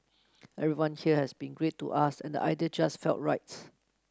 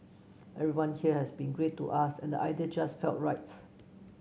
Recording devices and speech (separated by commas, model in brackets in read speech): close-talking microphone (WH30), mobile phone (Samsung C9), read sentence